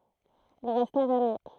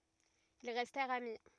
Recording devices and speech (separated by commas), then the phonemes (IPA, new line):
throat microphone, rigid in-ear microphone, read sentence
il ʁɛstɛʁt ami